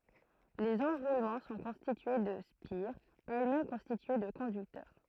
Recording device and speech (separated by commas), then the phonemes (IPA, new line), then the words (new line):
throat microphone, read sentence
lez ɑ̃ʁulmɑ̃ sɔ̃ kɔ̃stitye də spiʁz ɛlɛsmɛm kɔ̃stitye də kɔ̃dyktœʁ
Les enroulements sont constitués de spires, elles-mêmes constituées de conducteurs.